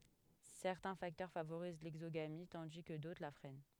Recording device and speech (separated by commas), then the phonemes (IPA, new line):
headset microphone, read sentence
sɛʁtɛ̃ faktœʁ favoʁiz lɛɡzoɡami tɑ̃di kə dotʁ la fʁɛn